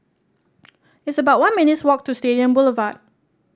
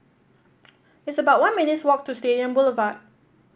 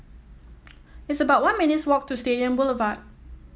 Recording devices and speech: standing microphone (AKG C214), boundary microphone (BM630), mobile phone (iPhone 7), read sentence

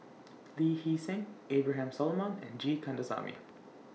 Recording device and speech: mobile phone (iPhone 6), read sentence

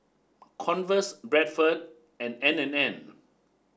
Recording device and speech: standing microphone (AKG C214), read sentence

